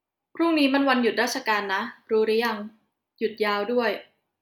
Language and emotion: Thai, neutral